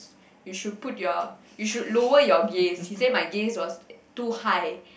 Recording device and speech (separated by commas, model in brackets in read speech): boundary microphone, conversation in the same room